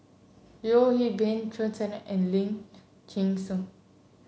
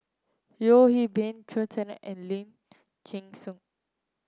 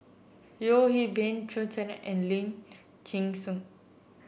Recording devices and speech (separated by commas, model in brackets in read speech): mobile phone (Samsung C7), close-talking microphone (WH30), boundary microphone (BM630), read sentence